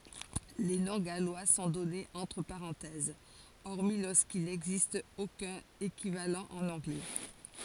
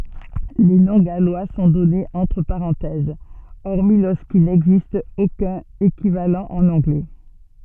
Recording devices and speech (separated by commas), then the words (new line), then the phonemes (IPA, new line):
forehead accelerometer, soft in-ear microphone, read sentence
Les noms gallois sont donnés entre parenthèses, hormis lorsqu'il n'existe aucun équivalent en anglais.
le nɔ̃ ɡalwa sɔ̃ dɔnez ɑ̃tʁ paʁɑ̃tɛz ɔʁmi loʁskil nɛɡzist okœ̃n ekivalɑ̃ ɑ̃n ɑ̃ɡlɛ